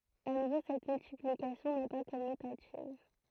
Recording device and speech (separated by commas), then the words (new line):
throat microphone, read sentence
À nouveau cette multiplication n'est pas commutative.